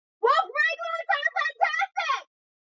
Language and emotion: English, neutral